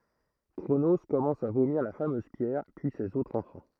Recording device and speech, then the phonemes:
throat microphone, read sentence
kʁono kɔmɑ̃s a vomiʁ la famøz pjɛʁ pyi sez otʁz ɑ̃fɑ̃

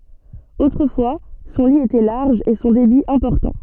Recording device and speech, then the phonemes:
soft in-ear microphone, read sentence
otʁəfwa sɔ̃ li etɛ laʁʒ e sɔ̃ debi ɛ̃pɔʁtɑ̃

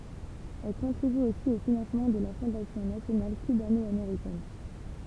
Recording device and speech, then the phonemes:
temple vibration pickup, read sentence
ɛl kɔ̃tʁiby osi o finɑ̃smɑ̃ də la fɔ̃dasjɔ̃ nasjonal kybanɔameʁikɛn

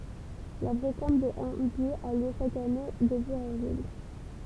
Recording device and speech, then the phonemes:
temple vibration pickup, read sentence
la bʁokɑ̃t də ɑ̃baj a ljø ʃak ane deby avʁil

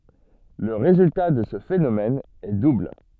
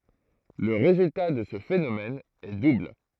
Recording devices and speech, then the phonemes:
soft in-ear microphone, throat microphone, read sentence
lə ʁezylta də sə fenomɛn ɛ dubl

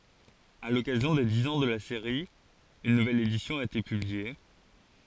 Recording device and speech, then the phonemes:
forehead accelerometer, read sentence
a lɔkazjɔ̃ de diz ɑ̃ də la seʁi yn nuvɛl edisjɔ̃ a ete pyblie

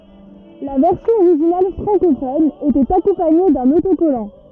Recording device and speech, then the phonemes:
rigid in-ear microphone, read sentence
la vɛʁsjɔ̃ oʁiʒinal fʁɑ̃kofɔn etɛt akɔ̃paɲe dœ̃n otokɔlɑ̃

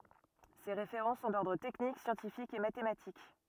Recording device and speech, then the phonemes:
rigid in-ear microphone, read sentence
se ʁefeʁɑ̃ sɔ̃ dɔʁdʁ tɛknik sjɑ̃tifikz e matematik

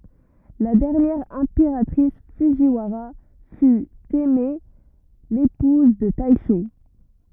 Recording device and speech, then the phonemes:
rigid in-ear microphone, read sentence
la dɛʁnjɛʁ ɛ̃peʁatʁis fudʒiwaʁa fy tɛmɛ epuz də tɛʃo

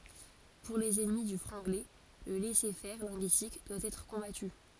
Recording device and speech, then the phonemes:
forehead accelerometer, read sentence
puʁ lez ɛnmi dy fʁɑ̃ɡlɛ lə lɛsɛʁfɛʁ lɛ̃ɡyistik dwa ɛtʁ kɔ̃baty

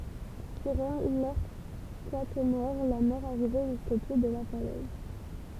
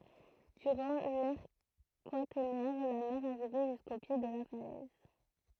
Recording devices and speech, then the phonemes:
temple vibration pickup, throat microphone, read sentence
dyʁɑ̃ lɛʁ kwatɛʁnɛʁ la mɛʁ aʁivɛ ʒysko pje də la falɛz

